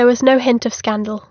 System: none